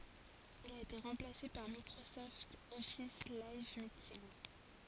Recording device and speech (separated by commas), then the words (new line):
forehead accelerometer, read sentence
Il a été remplacé par Microsoft Office Live Meeting.